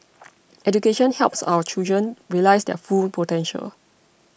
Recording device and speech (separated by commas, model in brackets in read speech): boundary microphone (BM630), read sentence